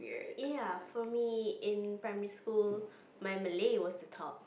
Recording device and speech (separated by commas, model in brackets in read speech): boundary microphone, conversation in the same room